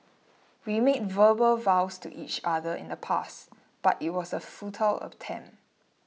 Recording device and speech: mobile phone (iPhone 6), read sentence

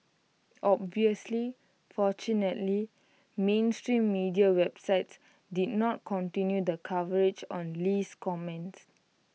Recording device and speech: mobile phone (iPhone 6), read sentence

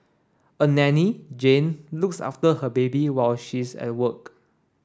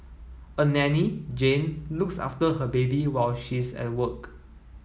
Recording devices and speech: standing microphone (AKG C214), mobile phone (iPhone 7), read sentence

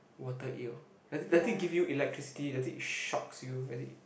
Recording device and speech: boundary microphone, conversation in the same room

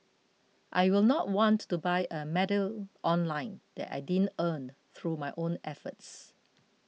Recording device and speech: mobile phone (iPhone 6), read sentence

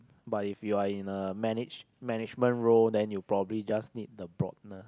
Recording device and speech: close-talking microphone, conversation in the same room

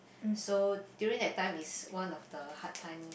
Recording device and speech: boundary microphone, conversation in the same room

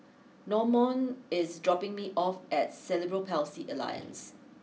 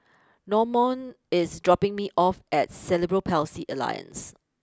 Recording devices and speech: mobile phone (iPhone 6), close-talking microphone (WH20), read sentence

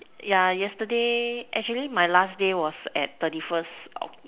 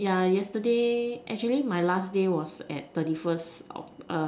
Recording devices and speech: telephone, standing microphone, conversation in separate rooms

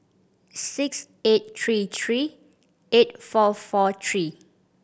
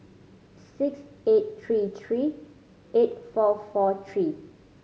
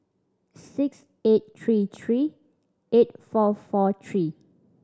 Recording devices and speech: boundary microphone (BM630), mobile phone (Samsung C5010), standing microphone (AKG C214), read sentence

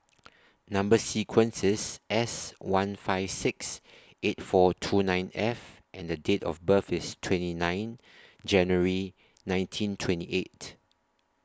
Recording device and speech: standing microphone (AKG C214), read sentence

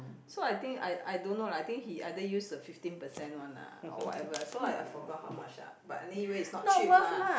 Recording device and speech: boundary microphone, conversation in the same room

